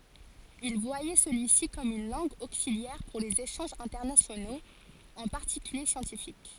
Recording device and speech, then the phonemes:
forehead accelerometer, read sentence
il vwajɛ səlyi si kɔm yn lɑ̃ɡ oksiljɛʁ puʁ lez eʃɑ̃ʒz ɛ̃tɛʁnasjonoz ɑ̃ paʁtikylje sjɑ̃tifik

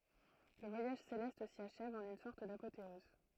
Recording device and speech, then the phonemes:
throat microphone, read sentence
lə vwajaʒ selɛst si aʃɛv ɑ̃n yn sɔʁt dapoteɔz

